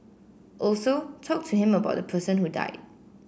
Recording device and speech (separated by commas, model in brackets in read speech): boundary microphone (BM630), read sentence